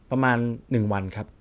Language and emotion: Thai, neutral